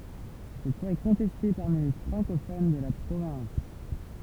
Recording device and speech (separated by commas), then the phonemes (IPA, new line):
temple vibration pickup, read sentence
sɛt lwa ɛ kɔ̃tɛste paʁmi le fʁɑ̃kofon də la pʁovɛ̃s